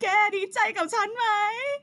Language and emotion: Thai, happy